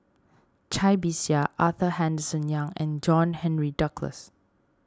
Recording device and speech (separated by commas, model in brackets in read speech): standing microphone (AKG C214), read sentence